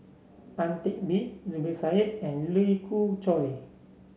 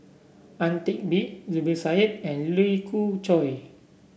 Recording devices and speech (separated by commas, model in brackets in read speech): mobile phone (Samsung C7), boundary microphone (BM630), read sentence